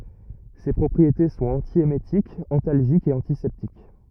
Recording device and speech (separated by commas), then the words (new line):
rigid in-ear microphone, read sentence
Ses propriétés sont antiémétiques, antalgiques et antiseptiques.